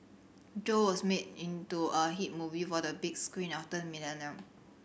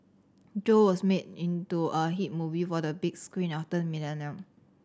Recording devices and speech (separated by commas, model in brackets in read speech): boundary microphone (BM630), standing microphone (AKG C214), read sentence